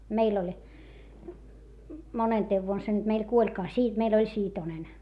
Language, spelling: Finnish, meillä oli monentena vuonna se nyt meillä kuolikaan - meillä oli Siitonen
- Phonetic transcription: meil ‿oĺ , monenteev vuon se nyt meil kuoĺkaa - Sii- , meil ‿oĺ Siitonen .

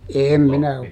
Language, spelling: Finnish, en minä
- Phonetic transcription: ˈeem minä ,.

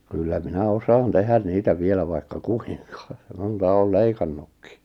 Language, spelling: Finnish, kyllä minä osaan tehdä niitä vielä vaikka kuinka monta olen leikannutkin
- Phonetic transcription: kyllä 'minä 'osaan 'tehän 'niitä 'vielä vaikka "ku₍ɪŋkᴀ , 'monta 'ool "leikannukkɪ .

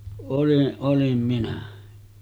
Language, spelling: Finnish, olin olin minä
- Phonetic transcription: oliˀ 'ˀolim 'minä .

